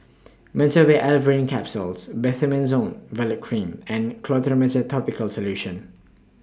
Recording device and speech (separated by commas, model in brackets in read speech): standing microphone (AKG C214), read sentence